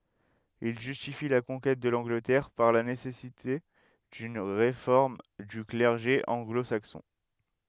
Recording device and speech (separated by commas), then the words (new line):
headset microphone, read sentence
Il justifie la conquête de l'Angleterre par la nécessité d'une réforme du clergé anglo-saxon.